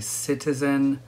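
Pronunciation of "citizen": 'citizen' is said with very slow, careful pronunciation, which is not wrong but very unusual. The first syllable is stressed, and the vowel after the t is unstressed.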